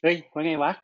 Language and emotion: Thai, happy